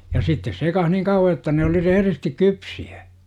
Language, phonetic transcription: Finnish, ja 'sittes sekah "niŋ kauwa jotta ne oli 'rehᵉristik "kypsi(ä .
- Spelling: ja sitten sekaan niin kauan jotta ne oli rehdisti kypsiä

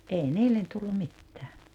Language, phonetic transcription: Finnish, '’ei 'niillen tullum̆ 'mittää .
- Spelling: ei niille tullut mitään

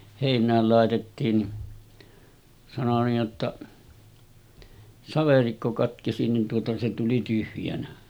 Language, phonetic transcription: Finnish, 'hèin̆nääl làetettiin ni , sano niij jotta , » 'saverikko katkesi « nin tuota se tuli 'tyhjänä .
- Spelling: heinään laitettiin niin sanoi niin jotta saverikko katkesi niin tuota se tuli tyhjänä

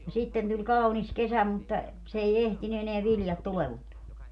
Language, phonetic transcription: Finnish, no 'sitten tuĺ "kaunis "kesä mutta , s ‿ei "ehtiny eneä 'viljat "tulevuntuo .
- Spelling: no sitten tuli kaunis kesä mutta se ei ehtinyt enää viljat tuleentua

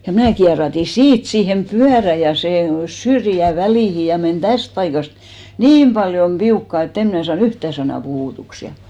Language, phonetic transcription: Finnish, ja 'mnä̀ kia̳§ra̳§ti "siit 'siihem "pyärä ja 'sè "syrjä 'välìhi ja men "täst paikast , "niim paljom "piukkà e't ‿em mn'ä saa"n ‿yhtä̀ sanà 'puhùtuks ja .
- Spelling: ja minä kierähdin siitä siihen pyörään ja sen syrjän väliin ja meni tästä paikasta niin paljon piukkaan että en minä saanut yhtään sanaa puhutuksi ja

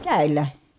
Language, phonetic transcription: Finnish, kä̀i̮l̀ä .
- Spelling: kädellä

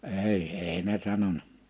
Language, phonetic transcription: Finnish, 'èi , èi ne 'sanona .
- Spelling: ei ei ne sanonut

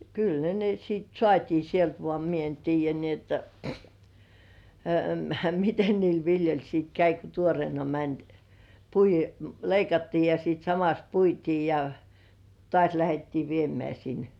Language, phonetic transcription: Finnish, 'kyl ne ne siit "sŏàt́ii sielt 'voà mie en "tiij̆jä ni ‿otta , "miten niil 'viljoĺ siit 'käi ko 'tuorĭèna "mäń , pui- , "leikattii ja siit samas 'puitii ja , "tŏàś lähettii 'viemĕä̀§ sin .
- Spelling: kyllä ne ne sitten saatiin sieltä vaan minä en tiedä niin jotta miten niille viljoille sitten kävi kun tuoreena meni - leikattiin ja sitten samassa puitiin ja taas lähdettiin viemään sinne

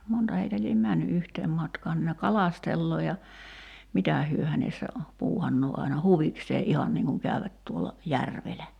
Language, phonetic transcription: Finnish, 'monta heitä liem "männy '’yhteem 'matkaan (nin) ne "kalastelloo ja , 'mitä̀ hyö hänessä , 'puuhannoo aina "huviksee '’ihan niiŋ kuŋ 'kä̀yvät tuola , "järvelä .
- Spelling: monta heitä lie mennyt yhteen matkaan niin ne kalastelee ja mitä he hänessä puuhannee aina huvikseen ihan niin kun käyvät tuolla järvellä

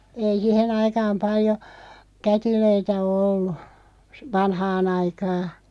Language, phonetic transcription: Finnish, 'ei "sihe'n ‿aikaam 'paljo , 'kätilöitä o "ollu , s- "vanhaa'n ‿aikaa .
- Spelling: ei siihen aikaan paljon kätilöitä ole ollut - vanhaan aikaa

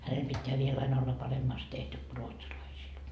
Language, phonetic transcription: Finnish, 'hänel pitteä viel ain ‿olla 'paremmaast tehty ku 'ruotsalaisiil .
- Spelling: hänellä pitää vielä aina olla paremmasti tehty kuin ruotsalaisilla

